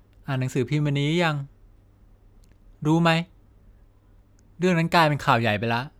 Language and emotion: Thai, neutral